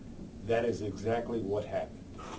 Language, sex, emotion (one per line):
English
male
neutral